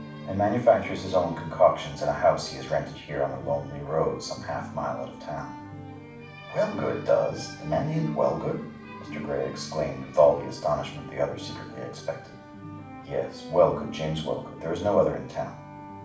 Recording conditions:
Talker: one person; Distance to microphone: 5.8 m; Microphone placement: far; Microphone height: 1.8 m; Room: medium-sized (5.7 m by 4.0 m); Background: music

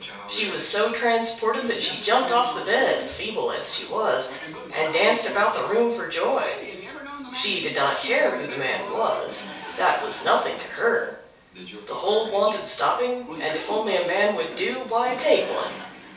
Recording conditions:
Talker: one person; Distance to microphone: 3.0 m; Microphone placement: far; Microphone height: 1.8 m; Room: small (3.7 m by 2.7 m); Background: television

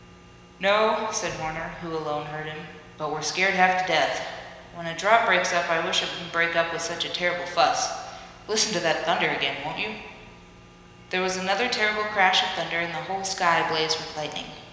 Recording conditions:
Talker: one person; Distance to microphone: 1.7 m; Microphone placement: close; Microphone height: 1.0 m; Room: very reverberant, large; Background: none

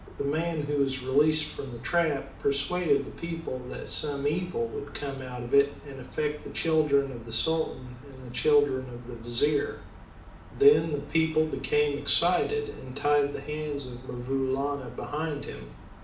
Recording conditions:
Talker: one person; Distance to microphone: 2.0 m; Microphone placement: close; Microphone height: 99 cm; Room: medium-sized (5.7 m by 4.0 m); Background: none

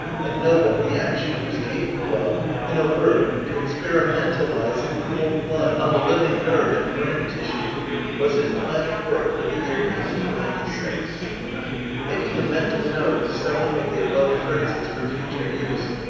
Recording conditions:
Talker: one person; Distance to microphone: 7.1 m; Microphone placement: far; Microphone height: 1.7 m; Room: very reverberant, large; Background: babble

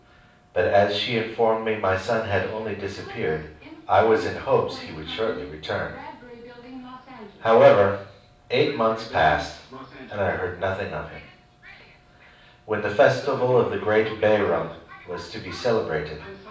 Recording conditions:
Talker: one person; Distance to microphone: 5.8 m; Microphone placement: far; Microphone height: 1.8 m; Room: medium-sized (5.7 m by 4.0 m); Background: television

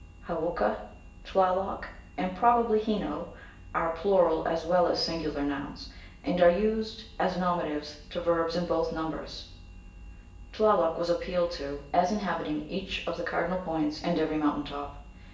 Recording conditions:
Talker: one person; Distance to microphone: 1.8 m; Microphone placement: close; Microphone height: 1.0 m; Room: large; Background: none

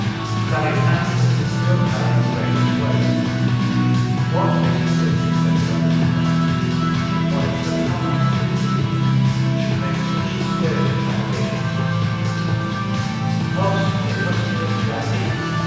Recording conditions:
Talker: one person; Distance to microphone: 7.1 m; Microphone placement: far; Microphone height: 1.7 m; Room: very reverberant, large; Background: music

